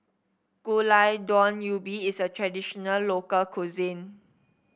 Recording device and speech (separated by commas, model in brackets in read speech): boundary microphone (BM630), read sentence